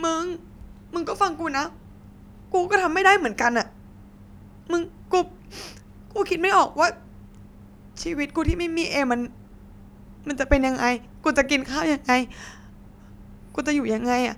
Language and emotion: Thai, sad